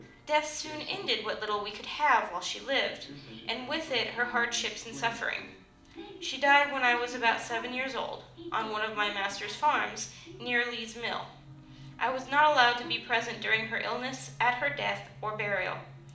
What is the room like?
A moderately sized room (about 5.7 m by 4.0 m).